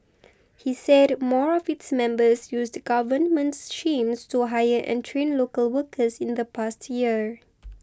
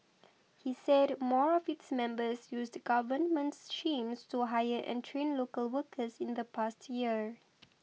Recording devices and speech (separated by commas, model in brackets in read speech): close-talking microphone (WH20), mobile phone (iPhone 6), read sentence